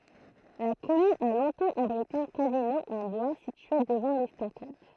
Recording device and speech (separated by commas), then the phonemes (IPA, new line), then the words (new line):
throat microphone, read sentence
la kɔmyn a lɔ̃tɑ̃ abʁite œ̃ kazino ɑ̃ bwa sitye dəvɑ̃ lɛstakad
La commune a longtemps abrité un casino, en bois, situé devant l'estacade.